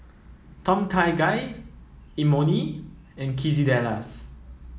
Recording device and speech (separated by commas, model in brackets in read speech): mobile phone (iPhone 7), read sentence